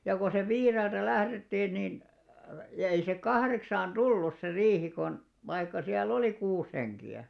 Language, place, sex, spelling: Finnish, Alastaro, male, ja kun sitten viideltä lähdettiin niin - ei se kahdeksaan tullut se riihi kun vaikka siellä oli kuusi henkeä
- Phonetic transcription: ja ko 'sev "viireltä "lährettiin niin , e- ei se "kahreksaan "ᴅulus se 'riihi kon , vaikka siäl"l ‿oli 'kuus heŋki₍ä .

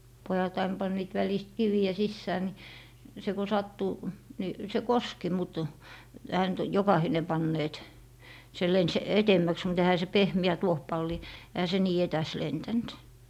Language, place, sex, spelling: Finnish, Lappee, female, pojat aina panivat välistä kiviä sisään niin se kun sattui niin se koski mutta eihän nyt jokainen panneet se lensi edemmäksi mutta eihän se pehmeä tuohipalli eihän se niin etäs lentänyt
- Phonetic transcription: 'pojat ain 'panniit 'välist "kivi₍ä 'sissää ni , se ku 'sattu , 'ni , 'se "koski mut , ehä nyt "jokahine 'panneet , se 'lens "etemmäks mut ehä se "pehmi̮ä 'tuohpalli , ehä se "nii 'etäs 'lentänt .

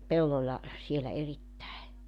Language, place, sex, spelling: Finnish, Joutsa, female, pellolla siellä erittäin
- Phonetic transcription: 'pelloĺla , sielä 'erittäe .

